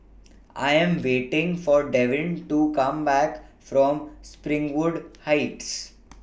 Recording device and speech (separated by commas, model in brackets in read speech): boundary microphone (BM630), read sentence